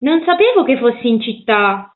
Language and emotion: Italian, surprised